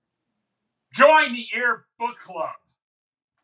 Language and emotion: English, sad